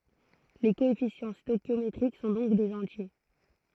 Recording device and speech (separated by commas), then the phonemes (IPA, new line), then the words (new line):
throat microphone, read sentence
le koɛfisjɑ̃ stoɛʃjometʁik sɔ̃ dɔ̃k dez ɑ̃tje
Les coefficients stœchiométriques sont donc des entiers.